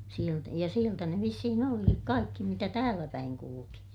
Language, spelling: Finnish, - ja sieltä ne vissiin olikin kaikki mitä täälläpäin kulki
- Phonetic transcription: sielt- , ja sieltä ne vissihin ‿olikik kaikki mitä tääläpäiŋ kuluki .

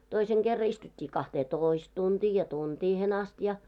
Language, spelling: Finnish, toisen kerran istuttiin kahteentoista tuntia ja tuntiin asti ja
- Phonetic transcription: 'toiseŋ ɢerra istut́t́ii 'kahtee"tòist tuntii ja "tuntiihen ast ja .

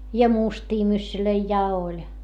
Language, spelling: Finnish, ja mustia myssyjä ja oli
- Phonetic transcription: ja mustii myssylöi ja oĺ .

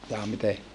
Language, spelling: Finnish, jaa miten
- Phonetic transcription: jaa mite ?

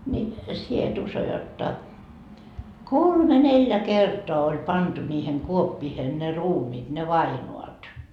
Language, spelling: Finnish, niin sinä et usko jotta kolme neljä kertaa oli pantu niihin kuoppiin ne ruumiit ne vainajat
- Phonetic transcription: ńi , 'sie et 'uso jotta , "kolme 'neljä "kertoa oĺ 'pantu ńiihen 'kuoppiihen ne 'ruumiit ne "vainoat .

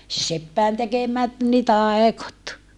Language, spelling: Finnish, - seppien tekemät niin taikot
- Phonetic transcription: se - seppäin tekemät ni tàekot .

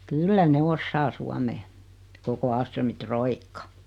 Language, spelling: Finnish, kyllä ne osaa suomea koko Ahlströmin roikka
- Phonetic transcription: 'kyllä ne 'ossaa 'suamee , 'koko 'Aalströmi "troikka .

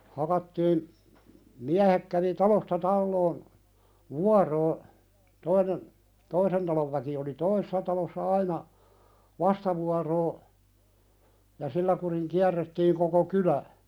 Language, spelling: Finnish, hakattiin miehet kävi talosta taloon vuoroa toinen toisen talon väki oli toisessa talossa aina vastavuoroisesti ja sillä kurin kierrettiin koko kylä
- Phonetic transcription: hakattiin , 'miähek kävi "talosta 'talloon , "vuaroo , 'toinen , 'toisen talov väki oli "toisessa talossa 'aina , "vastavuaroo , ja "sillä kuriŋ 'kiärrettiiŋ koko "kylä ,.

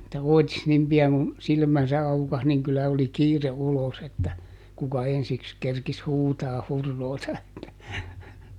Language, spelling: Finnish, että oitis niin pian kuin silmänsä aukaisi niin kyllä oli kiire ulos että kuka ensiksi kerkisi huutamaan huroota että
- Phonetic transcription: [et]tä "òi̮tis ˈnim pi₍aŋ kun , ˈsilmänsä ˈaukas niŋ kyllä oli "kiire ˈulos ‿että , kuka "ensiks kerkis ˈhuutaah ˈhurroota että ,.

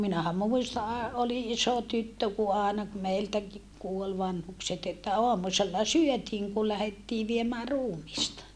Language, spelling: Finnish, minähän muistan - olin iso tyttö kun aina kun meiltäkin kuoli vanhukset että aamusella syötiin kun lähdettiin viemään ruumista
- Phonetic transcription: minähä mùista a- , oli ʼiso tyttö ku aana ku meiltäki kuol vanhukset ‿että oamusella syötiiŋ ku lähettii viemää ruumista .

